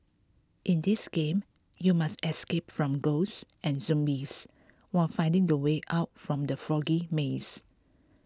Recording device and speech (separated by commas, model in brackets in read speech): close-talking microphone (WH20), read sentence